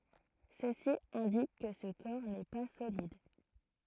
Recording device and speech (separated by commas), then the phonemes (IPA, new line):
throat microphone, read sentence
səsi ɛ̃dik kə sə kɔʁ nɛ pa solid